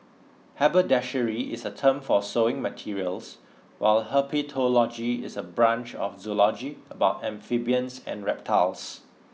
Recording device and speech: mobile phone (iPhone 6), read sentence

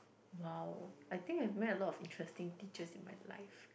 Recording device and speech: boundary microphone, conversation in the same room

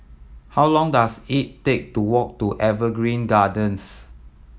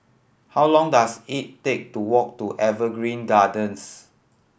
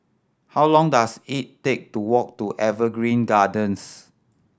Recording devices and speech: mobile phone (iPhone 7), boundary microphone (BM630), standing microphone (AKG C214), read sentence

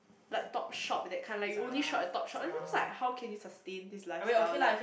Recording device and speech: boundary microphone, conversation in the same room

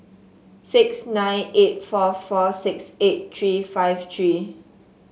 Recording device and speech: mobile phone (Samsung S8), read sentence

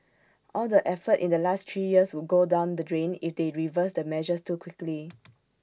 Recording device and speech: standing microphone (AKG C214), read sentence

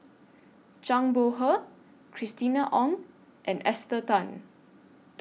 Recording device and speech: mobile phone (iPhone 6), read sentence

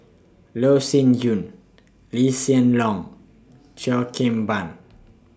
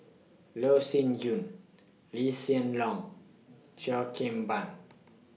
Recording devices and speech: standing microphone (AKG C214), mobile phone (iPhone 6), read sentence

